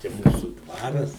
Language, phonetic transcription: Lithuanian, čia ˈmūsu ˈdvaras

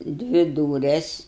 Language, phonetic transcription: Lithuanian, ˈdvi ˈdūres

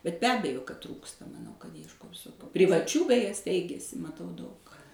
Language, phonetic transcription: Lithuanian, bet be ˈabejo kad ˈtrūksta maˈnau kad iešˈkos privaˈčių beˈje ˈsteigiasi maˈtau daug

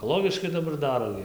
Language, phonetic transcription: Lithuanian, ekoˈlogiškai daˈbar ˈdaro gi

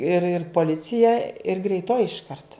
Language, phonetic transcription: Lithuanian, ir ir poˈlicija ir greiˈtoji išˈkart

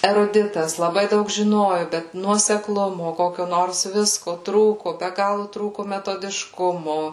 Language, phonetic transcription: Lithuanian, eruˈditas laˈbai ˈdaug žiˈnoju bet nuosekˈlumu ˈkokio ˈnors ˈvisko ˈtrūku be ˈgalu ˈtrūku metodišˈkumo

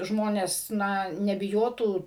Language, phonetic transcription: Lithuanian, ˈžmones ˈna nebiˈjotų

